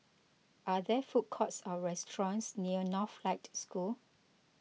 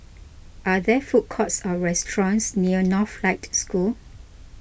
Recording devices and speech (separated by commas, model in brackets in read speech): mobile phone (iPhone 6), boundary microphone (BM630), read sentence